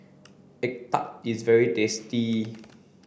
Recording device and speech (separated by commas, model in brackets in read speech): boundary microphone (BM630), read sentence